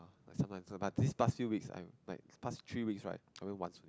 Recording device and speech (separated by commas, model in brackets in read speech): close-talking microphone, conversation in the same room